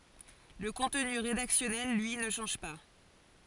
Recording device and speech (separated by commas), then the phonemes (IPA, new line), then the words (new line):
forehead accelerometer, read sentence
lə kɔ̃tny ʁedaksjɔnɛl lyi nə ʃɑ̃ʒ pa
Le contenu rédactionnel, lui, ne change pas.